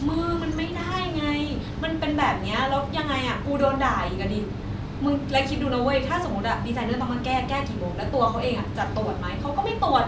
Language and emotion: Thai, frustrated